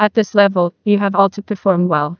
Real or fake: fake